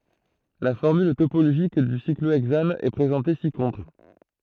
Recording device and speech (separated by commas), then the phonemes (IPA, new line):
throat microphone, read sentence
la fɔʁmyl topoloʒik dy sikloɛɡzan ɛ pʁezɑ̃te si kɔ̃tʁ